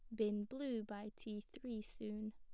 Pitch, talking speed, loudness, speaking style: 215 Hz, 170 wpm, -46 LUFS, plain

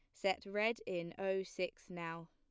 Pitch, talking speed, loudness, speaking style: 190 Hz, 170 wpm, -40 LUFS, plain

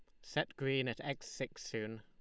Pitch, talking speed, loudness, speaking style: 130 Hz, 200 wpm, -40 LUFS, Lombard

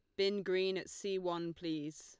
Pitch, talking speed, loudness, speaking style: 185 Hz, 200 wpm, -38 LUFS, Lombard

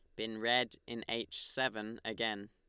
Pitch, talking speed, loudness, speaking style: 115 Hz, 155 wpm, -37 LUFS, Lombard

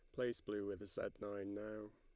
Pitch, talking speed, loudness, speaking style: 105 Hz, 205 wpm, -46 LUFS, Lombard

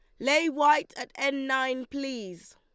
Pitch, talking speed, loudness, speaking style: 275 Hz, 155 wpm, -27 LUFS, Lombard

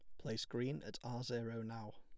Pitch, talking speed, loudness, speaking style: 115 Hz, 205 wpm, -44 LUFS, plain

